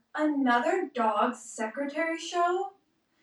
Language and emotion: English, sad